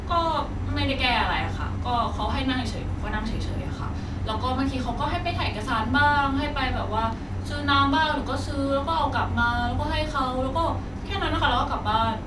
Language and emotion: Thai, neutral